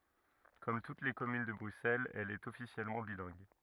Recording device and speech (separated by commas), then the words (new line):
rigid in-ear microphone, read sentence
Comme toutes les communes de Bruxelles, elle est officiellement bilingue.